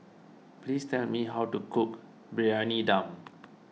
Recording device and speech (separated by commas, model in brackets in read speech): mobile phone (iPhone 6), read sentence